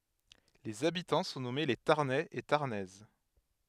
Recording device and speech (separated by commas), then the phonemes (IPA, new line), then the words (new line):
headset microphone, read sentence
lez abitɑ̃ sɔ̃ nɔme le taʁnɛz e taʁnɛz
Les habitants sont nommés les Tarnais et Tarnaises.